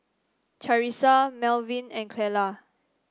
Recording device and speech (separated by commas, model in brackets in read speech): standing microphone (AKG C214), read sentence